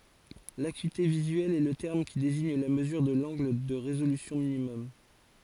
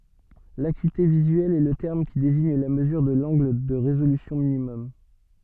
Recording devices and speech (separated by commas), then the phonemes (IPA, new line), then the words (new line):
forehead accelerometer, soft in-ear microphone, read sentence
lakyite vizyɛl ɛ lə tɛʁm ki deziɲ la məzyʁ də lɑ̃ɡl də ʁezolysjɔ̃ minimɔm
L’acuité visuelle est le terme qui désigne la mesure de l’angle de résolution minimum.